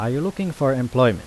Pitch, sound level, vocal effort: 135 Hz, 86 dB SPL, normal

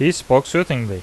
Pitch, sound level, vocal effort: 135 Hz, 88 dB SPL, loud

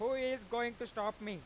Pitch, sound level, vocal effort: 235 Hz, 102 dB SPL, very loud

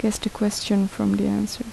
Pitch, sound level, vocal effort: 205 Hz, 73 dB SPL, soft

